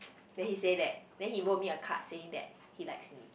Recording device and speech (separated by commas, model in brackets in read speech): boundary microphone, conversation in the same room